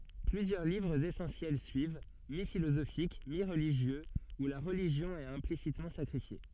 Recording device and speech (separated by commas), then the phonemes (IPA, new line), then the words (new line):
soft in-ear microphone, read sentence
plyzjœʁ livʁz esɑ̃sjɛl syiv mifilozofik miʁliʒjøz u la ʁəliʒjɔ̃ ɛt ɛ̃plisitmɑ̃ sakʁifje
Plusieurs livres essentiels suivent, mi-philosophiques, mi-religieux, où la religion est implicitement sacrifiée.